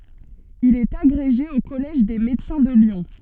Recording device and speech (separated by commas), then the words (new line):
soft in-ear microphone, read sentence
Il est agrégé au Collège des Médecins de Lyon.